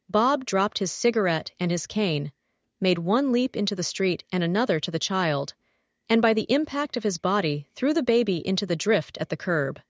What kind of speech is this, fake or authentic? fake